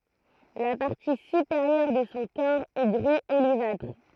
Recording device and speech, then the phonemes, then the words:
throat microphone, read sentence
la paʁti sypeʁjœʁ də sɔ̃ kɔʁ ɛ ɡʁi olivatʁ
La partie supérieure de son corps est gris olivâtre.

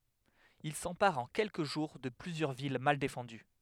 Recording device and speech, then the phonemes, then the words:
headset microphone, read sentence
il sɑ̃paʁt ɑ̃ kɛlkə ʒuʁ də plyzjœʁ vil mal defɑ̃dy
Ils s'emparent en quelques jours de plusieurs villes mal défendues.

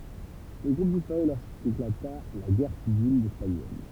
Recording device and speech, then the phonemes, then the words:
temple vibration pickup, read sentence
lə ɡʁup dispaʁy loʁskeklata la ɡɛʁ sivil ɛspaɲɔl
Le groupe disparut lorsqu'éclata la Guerre civile espagnole.

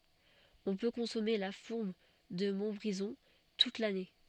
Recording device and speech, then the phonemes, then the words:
soft in-ear microphone, read sentence
ɔ̃ pø kɔ̃sɔme la fuʁm də mɔ̃tbʁizɔ̃ tut lane
On peut consommer la fourme de Montbrison toute l'année.

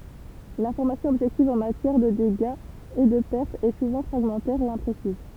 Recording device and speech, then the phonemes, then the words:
temple vibration pickup, read sentence
lɛ̃fɔʁmasjɔ̃ ɔbʒɛktiv ɑ̃ matjɛʁ də deɡaz e də pɛʁtz ɛ suvɑ̃ fʁaɡmɑ̃tɛʁ e ɛ̃pʁesiz
L’information objective en matière de dégâts et de pertes est souvent fragmentaire et imprécises.

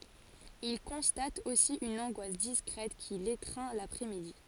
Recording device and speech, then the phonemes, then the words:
forehead accelerometer, read sentence
il kɔ̃stat osi yn ɑ̃ɡwas diskʁɛt ki letʁɛ̃ lapʁɛsmidi
Il constate aussi une angoisse discrète qui l’étreint l’après-midi.

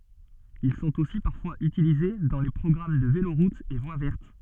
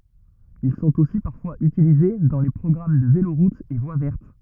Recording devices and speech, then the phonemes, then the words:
soft in-ear microphone, rigid in-ear microphone, read sentence
il sɔ̃t osi paʁfwaz ytilize dɑ̃ le pʁɔɡʁam də veloʁutz e vwa vɛʁt
Ils sont aussi parfois utilisés dans les programmes de véloroutes et voies vertes.

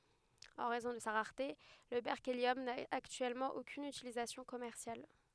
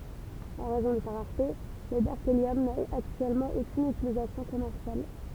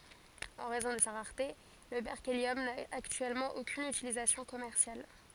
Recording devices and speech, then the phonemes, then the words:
headset microphone, temple vibration pickup, forehead accelerometer, read sentence
ɑ̃ ʁɛzɔ̃ də sa ʁaʁte lə bɛʁkeljɔm na aktyɛlmɑ̃ okyn ytilizasjɔ̃ kɔmɛʁsjal
En raison de sa rareté, le berkélium n'a actuellement aucune utilisation commerciale.

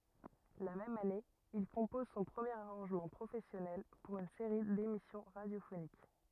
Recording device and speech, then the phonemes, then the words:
rigid in-ear microphone, read sentence
la mɛm ane il kɔ̃pɔz sɔ̃ pʁəmjeʁ aʁɑ̃ʒmɑ̃ pʁofɛsjɔnɛl puʁ yn seʁi demisjɔ̃ ʁadjofonik
La même année, il compose son premier arrangement professionnel pour une série d'émissions radiophoniques.

